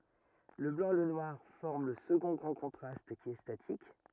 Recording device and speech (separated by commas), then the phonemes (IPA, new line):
rigid in-ear microphone, read sentence
lə blɑ̃ e lə nwaʁ fɔʁm lə səɡɔ̃ ɡʁɑ̃ kɔ̃tʁast ki ɛ statik